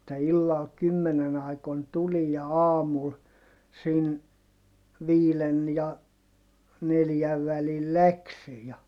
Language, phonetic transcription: Finnish, [et]tä illal kymmenen ‿aikon tulij ja aamul , siin , viilen ja , neljäv välil läksi ja ,.
- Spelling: että illalla kymmenen aikoihin tuli ja aamulla siinä viiden ja neljän välillä lähti ja

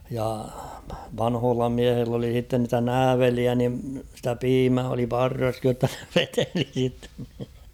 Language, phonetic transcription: Finnish, ja , 'vanhoolla 'miähill ‿oli h̬itten nitä "nääveliä ni stä "piimää oli "parraskij jotta (ne) 'veteli sitten ...
- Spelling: ja vanhoilla miehillä oli sitten niitä nääveleitä niin sitä piimää oli parrassakin jotta ne veteli sitten

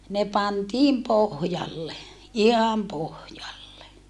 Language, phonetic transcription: Finnish, ne pantiim pohjalle , iham pohjalle .
- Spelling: ne pantiin pohjalle ihan pohjalle

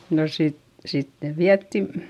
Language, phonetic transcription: Finnish, no sit , sittev viättin ,.
- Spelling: no sitten sitten vietiin

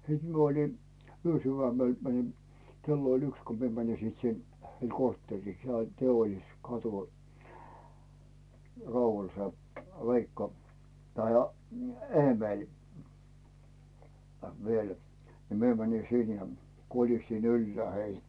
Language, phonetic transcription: Finnish, 'siit mie olin̬ , 'yösyvämel mänin̬ , 'kello ‿oĺ "yks ko 'mie mänin̬ 'sit 'sin , heil "korttèrrii sᵉol 'Teolliskatu , Raumal se , 'Veikka , tai , "Eemèĺ , viel , ni 'mie mäni 'sin ja , 'kolistin ‿"yllᵉä̀ 'heijᴀ̈ .
- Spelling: sitten minä olin yösydämellä menin kello oli yksi kun minä menin sitten sinne heille kortteeriin se oli Teollisuuskatu Raumalla se Veikka tai Eemeli vielä niin minä menin sinne ja kolistin ylhäälle heidät

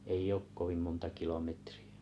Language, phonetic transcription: Finnish, 'ei'j ‿ook 'kovim monta 'kilometri₍ᴀ̈ .
- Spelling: ei ole kovin monta kilometriä

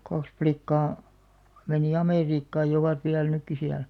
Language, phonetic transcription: Finnish, 'kaks plikkaa , menì "Amèriikkaaj jᵃ ovat viäl 'nykki 'siäl .
- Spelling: kaksi likkaa meni Amerikkaan ja ovat vielä nytkin siellä

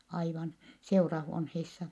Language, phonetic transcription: Finnish, aivan , seurahuonheissa .
- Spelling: aivan seurahuoneissa

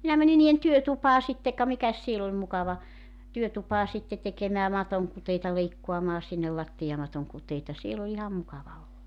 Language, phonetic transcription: Finnish, 'minä 'mäni nii₍en "työtupaa 'sitte ka 'mikäs siel ‿oĺ 'mukava , 'työtupaa 'sitte tekemää 'matoŋkuteita 'leikkoamaa 'sinnel 'lattijamatoŋ 'kuteita 'siel ‿o 'iham 'mukava (olo) .
- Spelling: minä menin niiden työtupaan sitten ka mikäs siellä oli mukava työtupaan sitten tekemää matonkuteita leikkaamaan sinne lattiamaton kuteita siellä on ihan mukava olo

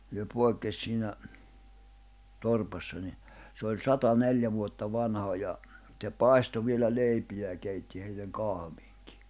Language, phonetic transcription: Finnish, se 'pòi̬kkes 'siinä , 'torpassa ni , se oĺ 'sata 'neljä vuotta 'vanha ʲa , tse "pàisto vielä 'leipijä ja 'keitti heilleŋ 'kahᵃᴠɪᴎkɪ .
- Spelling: se poikkesi siinä torpassa niin se oli sata neljä vuotta vanha ja se paistoi vielä leipiä ja keitti heille kahviakin

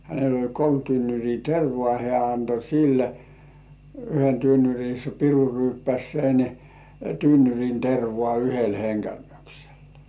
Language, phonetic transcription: Finnish, hänel ‿ol "kolm 'tynnyr̜ii "tervŏà hĕä̀ anto "sille , 'yhen tynnyr̜i se 'piru 'ryyppäs̜ 'sen , "tynnyr̜in tervŏà yhel 'heŋkälmyksel .
- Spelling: hänellä oli kolme tynnyriä tervaa hän antoi sille yhden tynnyrin se piru ryyppäsi sen tynnyrin tervaa yhdellä henkäyksellä

